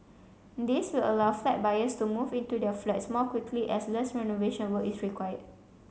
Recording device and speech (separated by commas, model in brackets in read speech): mobile phone (Samsung C7), read sentence